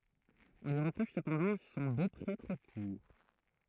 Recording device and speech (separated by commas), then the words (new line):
throat microphone, read sentence
On lui reproche cependant son beaupré trop court.